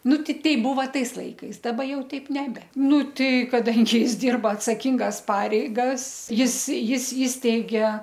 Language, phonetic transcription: Lithuanian, ˈnu ti ˈtei ˈbuva ˈtais ˈlaikais daˈba ˈjau teip neˈbe ˈnu tai kaˈdangi ˈjis ˈdirba atsaˈkingas ˈpareigas ˈjis ˈjis ˈįsteigė

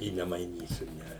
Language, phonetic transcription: Lithuanian, i nemaiˈnysiu ˈne

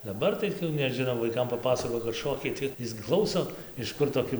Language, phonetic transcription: Lithuanian, daˈbar tai neˈžino vaiˈkam paˈpasakoji kad ˈšokiai tai ˈis gi ˈklauso iš ˈkur toˈki

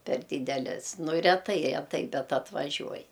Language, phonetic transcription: Lithuanian, per ˈdydeles ˈnu reˈtai reˈtai ˈbet atvaˈžiuoj

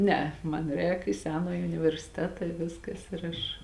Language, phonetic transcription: Lithuanian, ˈneˌe ˈman ˈrēk i ˈsenąji universiˈteta i ˈviskas ir ˈaš

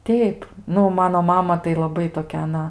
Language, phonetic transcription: Lithuanian, ˈteip ˈnu ˈmano ˈmama tai laˈbai toˈkia aˈna

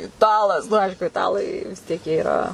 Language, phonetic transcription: Lithuanian, iˈtalas nu ˈaišku iˈtalai vis ˈtiek jie iˈra

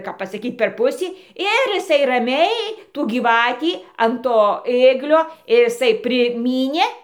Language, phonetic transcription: Lithuanian, kap pasaˈkyt per ˈpusį ˈir iˈsai raˈmiai tų gyˈvatį an ˈto ˈėglio ir iˈsai priˈmynė

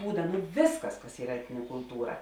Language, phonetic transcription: Lithuanian, ˈbūda nu ˈvėsˌkas kas ˈyra ˈetnine kulˈtūra

